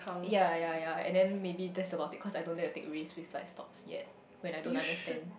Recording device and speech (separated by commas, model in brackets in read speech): boundary microphone, conversation in the same room